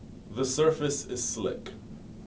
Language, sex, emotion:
English
male
neutral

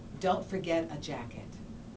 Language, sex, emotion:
English
female
neutral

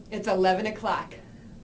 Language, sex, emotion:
English
female
neutral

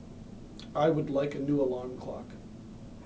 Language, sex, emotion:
English
male
neutral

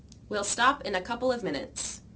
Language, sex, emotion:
English
female
neutral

